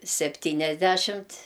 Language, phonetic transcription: Lithuanian, sepˈtyniasdæšimt

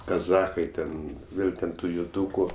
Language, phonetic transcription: Lithuanian, kaˈzachai ten ˈvėl ten ˈtų juˈdūku

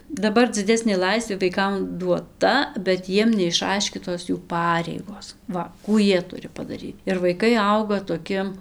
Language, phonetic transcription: Lithuanian, daˈbar dziˈdesnė ˈlaisvė vaiˈkam duoˈta bet ˈjiem neišˈaiškytos jų ˈpareigos ˈva ˈkų ˈjie ˈturi padaˈryt ir vaiˈkai ˈauga toˈki

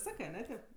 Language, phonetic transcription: Lithuanian, ˈsakɜ aˈne ˈtėp

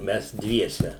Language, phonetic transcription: Lithuanian, ˈmes ˈdviese

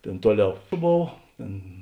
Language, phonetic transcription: Lithuanian, ˈtėn ˈtuoˌliau ˈbov ˈtėn

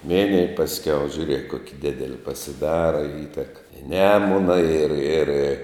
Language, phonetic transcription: Lithuanian, ˈminij pasˈkiau žiuˈriek ˈkoki ˈdideli pasiˈdara i ˈįtek i ˈnemuna ir ir

